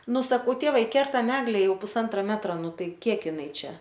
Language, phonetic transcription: Lithuanian, ˈnu saˈkau ˈtėvai ˈkertam ˈegle ˈjau puˈsantra ˈmetra ˈnu ˈtai ˈkiek ˈinai ˈčia

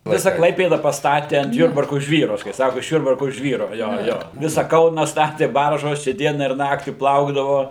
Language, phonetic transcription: Lithuanian, ˈvisa ˈklaipėda pasˈtati ant ˈjurbarku ˈžvyru kai ˈsaku iš ˈjurbarku ˈžvyru ˈjo ˈjo ˈvisa ˈkauna ˈstatė ˈbaržos čia ˈdiena ir ˈnaktį ˈplaukdavo

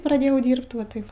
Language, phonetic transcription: Lithuanian, praˈdėjau ˈdyrbt va ˈtaip

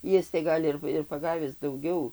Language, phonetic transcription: Lithuanian, ˈjis tai ˈgal' ir ir paˈgavis dauˈgiau

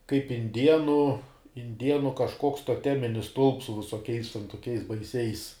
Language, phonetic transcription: Lithuanian, kaip inˈdienu inˈdienu kažˈkoks toˈteminis stulps su visoˈkiais ten toˈkiais baiˈsiais

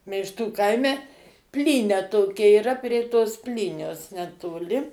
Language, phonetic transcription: Lithuanian, meišˈtų ˈkaime ˈplynia ˈtokia yˈra prie tos ˈplynios netoˈli

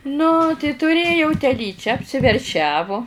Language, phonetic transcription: Lithuanian, nu tai tuˈrėjau teˈlyčią apsiverˈšiavo

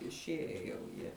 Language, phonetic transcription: Lithuanian, išˈieje jau ˈjie

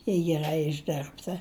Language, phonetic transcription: Lithuanian, jei geˈrai išˈdirbta

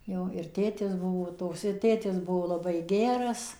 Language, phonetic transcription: Lithuanian, ˈjau ir ˈtėtis ˈbuvo ˈtoks ir ˈtėtis ˈbuo laˈbai ˈgeras

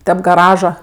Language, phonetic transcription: Lithuanian, ˈtep gaˈraža

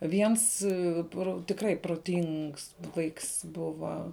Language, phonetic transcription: Lithuanian, ˈviens ˈpro tikˈrai proˈtings ˈvaiks ˈbuva

